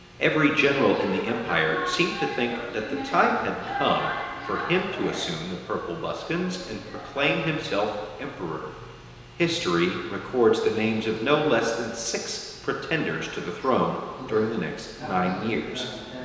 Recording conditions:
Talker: one person; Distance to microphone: 1.7 m; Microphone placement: close; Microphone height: 1.0 m; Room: very reverberant, large; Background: television

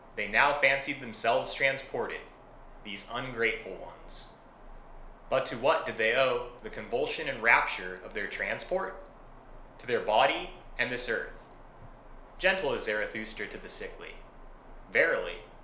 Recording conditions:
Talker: one person; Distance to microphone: 1.0 m; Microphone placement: close; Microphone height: 1.1 m; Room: small (3.7 m by 2.7 m); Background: none

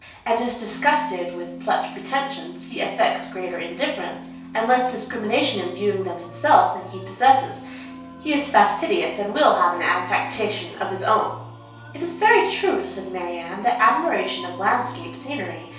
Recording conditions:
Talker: one person; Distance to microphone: 3.0 m; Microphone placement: far; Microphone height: 1.8 m; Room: small (3.7 m by 2.7 m); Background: music

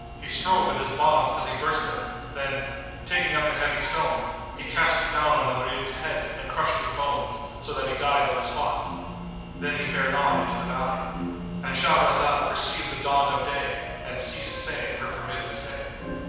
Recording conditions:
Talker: one person; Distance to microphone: 7.1 m; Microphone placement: far; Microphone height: 1.7 m; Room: very reverberant, large; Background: music

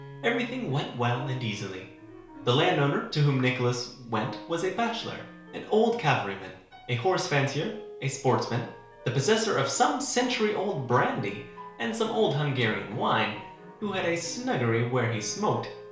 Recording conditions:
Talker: one person; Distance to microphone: 1.0 m; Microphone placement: close; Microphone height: 1.1 m; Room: small (3.7 m by 2.7 m); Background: music

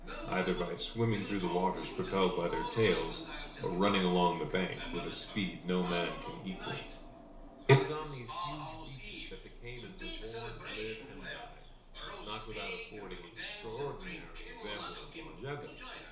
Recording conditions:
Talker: one person; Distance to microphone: 1.0 m; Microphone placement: close; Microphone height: 1.1 m; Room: small (3.7 m by 2.7 m); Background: television

